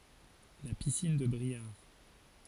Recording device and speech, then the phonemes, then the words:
forehead accelerometer, read sentence
la pisin də bʁiaʁ
La piscine de Briare.

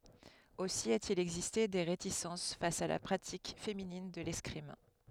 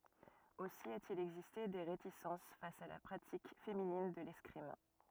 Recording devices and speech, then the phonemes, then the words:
headset microphone, rigid in-ear microphone, read sentence
osi a te il ɛɡziste de ʁetisɑ̃s fas a la pʁatik feminin də lɛskʁim
Aussi a-t-il existé des réticences face à la pratique féminine de l'escrime.

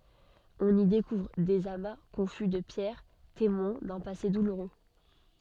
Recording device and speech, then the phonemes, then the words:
soft in-ear microphone, read sentence
ɔ̃n i dekuvʁ dez ama kɔ̃fy də pjɛʁ temwɛ̃ dœ̃ pase duluʁø
On y découvre des amas confus de pierres, témoins d'un passé douloureux.

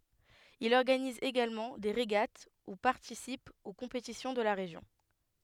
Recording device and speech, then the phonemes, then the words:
headset microphone, read sentence
il ɔʁɡaniz eɡalmɑ̃ de ʁeɡat u paʁtisip o kɔ̃petisjɔ̃ də la ʁeʒjɔ̃
Il organise également des régates ou participe aux compétitions de la région.

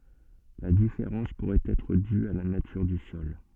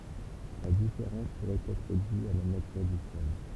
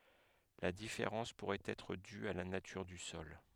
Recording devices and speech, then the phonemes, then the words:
soft in-ear microphone, temple vibration pickup, headset microphone, read sentence
la difeʁɑ̃s puʁɛt ɛtʁ dy a la natyʁ dy sɔl
La différence pourrait être due à la nature du sol.

